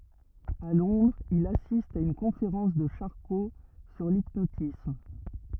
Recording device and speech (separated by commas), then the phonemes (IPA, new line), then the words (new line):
rigid in-ear microphone, read sentence
a lɔ̃dʁz il asist a yn kɔ̃feʁɑ̃s də ʃaʁko syʁ lipnotism
À Londres, il assiste à une conférence de Charcot sur l'hypnotisme.